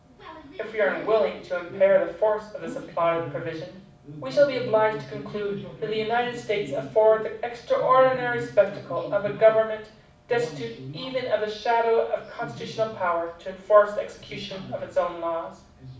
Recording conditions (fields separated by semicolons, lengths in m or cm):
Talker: one person; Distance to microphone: 5.8 m; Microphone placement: far; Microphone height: 1.8 m; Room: medium-sized (5.7 m by 4.0 m); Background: television